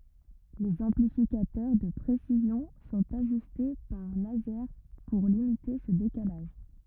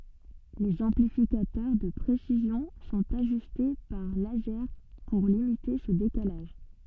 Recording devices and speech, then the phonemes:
rigid in-ear microphone, soft in-ear microphone, read sentence
lez ɑ̃plifikatœʁ də pʁesizjɔ̃ sɔ̃t aʒyste paʁ lazɛʁ puʁ limite sə dekalaʒ

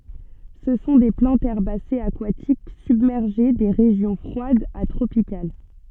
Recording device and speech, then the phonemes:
soft in-ear microphone, read sentence
sə sɔ̃ de plɑ̃tz ɛʁbasez akwatik sybmɛʁʒe de ʁeʒjɔ̃ fʁwadz a tʁopikal

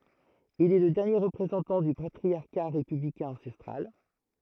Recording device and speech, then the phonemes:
throat microphone, read sentence
il ɛ lə dɛʁnje ʁəpʁezɑ̃tɑ̃ dy patʁisja ʁepyblikɛ̃ ɑ̃sɛstʁal

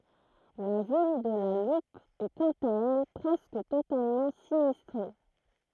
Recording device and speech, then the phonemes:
throat microphone, read sentence
la vil də la lup ɛ kɑ̃t a ɛl pʁɛskə totalmɑ̃ sinistʁe

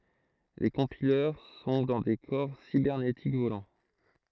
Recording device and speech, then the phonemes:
throat microphone, read sentence
le kɔ̃pilœʁ sɔ̃ dɑ̃ de kɔʁ sibɛʁnetik volɑ̃

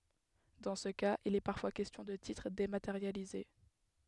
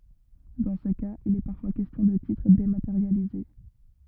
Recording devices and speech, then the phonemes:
headset microphone, rigid in-ear microphone, read sentence
dɑ̃ sə kaz il ɛ paʁfwa kɛstjɔ̃ də titʁ demateʁjalize

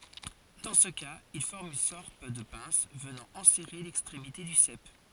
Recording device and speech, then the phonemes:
forehead accelerometer, read sentence
dɑ̃ sə kaz il fɔʁm yn sɔʁt də pɛ̃s vənɑ̃ ɑ̃sɛʁe lɛkstʁemite dy sɛp

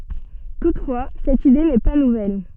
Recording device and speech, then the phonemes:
soft in-ear microphone, read sentence
tutfwa sɛt ide nɛ pa nuvɛl

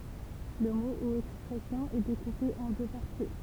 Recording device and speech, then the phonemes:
temple vibration pickup, read sentence
lə mo u ɛkspʁɛsjɔ̃ ɛ dekupe ɑ̃ dø paʁti

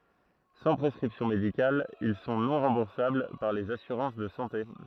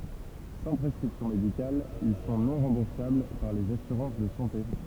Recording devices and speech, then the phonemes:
throat microphone, temple vibration pickup, read sentence
sɑ̃ pʁɛskʁipsjɔ̃ medikal il sɔ̃ nɔ̃ ʁɑ̃buʁsabl paʁ lez asyʁɑ̃s də sɑ̃te

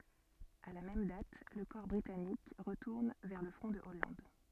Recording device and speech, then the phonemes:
soft in-ear microphone, read sentence
a la mɛm dat lə kɔʁ bʁitanik ʁətuʁn vɛʁ lə fʁɔ̃ də ɔlɑ̃d

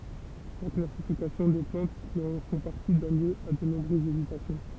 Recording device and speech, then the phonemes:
temple vibration pickup, read sentence
la klasifikasjɔ̃ de plɑ̃t ki ɑ̃ fɔ̃ paʁti dɔn ljø a də nɔ̃bʁøzz ezitasjɔ̃

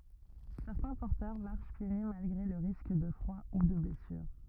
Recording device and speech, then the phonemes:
rigid in-ear microphone, read sentence
sɛʁtɛ̃ pɔʁtœʁ maʁʃ pje ny malɡʁe lə ʁisk də fʁwa u də blɛsyʁ

